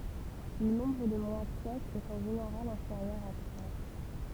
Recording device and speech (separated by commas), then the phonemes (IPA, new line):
temple vibration pickup, read sentence
lə nɔ̃bʁ də mwa sɛkz ɛt ɑ̃ ʒeneʁal ɛ̃feʁjœʁ a tʁwa